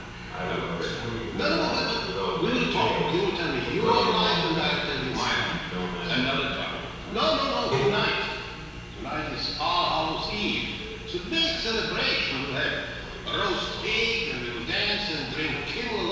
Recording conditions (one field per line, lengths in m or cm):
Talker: one person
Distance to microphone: 7.1 m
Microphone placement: far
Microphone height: 1.7 m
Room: very reverberant, large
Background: television